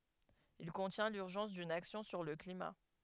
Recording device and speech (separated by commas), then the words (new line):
headset microphone, read sentence
Il contient l’urgence d’une action sur le climat.